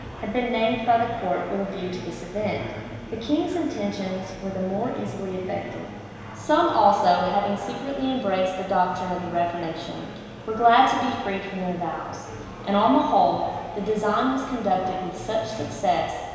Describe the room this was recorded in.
A very reverberant large room.